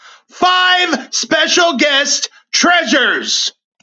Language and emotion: English, neutral